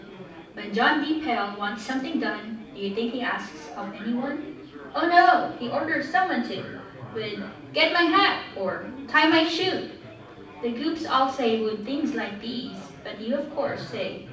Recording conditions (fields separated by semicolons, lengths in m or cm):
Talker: one person; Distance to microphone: 5.8 m; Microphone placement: far; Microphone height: 1.8 m; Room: medium-sized (5.7 m by 4.0 m); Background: babble